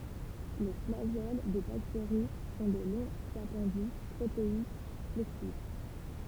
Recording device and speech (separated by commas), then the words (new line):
temple vibration pickup, read sentence
Les flagelles des bactéries sont de longs appendices protéiques flexibles.